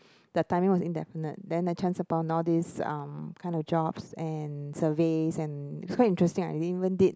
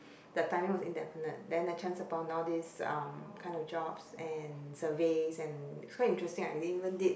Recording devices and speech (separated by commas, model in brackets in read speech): close-talking microphone, boundary microphone, conversation in the same room